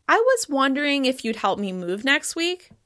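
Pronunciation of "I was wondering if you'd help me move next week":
The sentence ends on a slight rise on 'next week' instead of a steep fall, which makes it sound uncertain.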